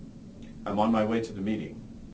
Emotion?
neutral